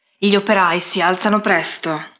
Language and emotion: Italian, neutral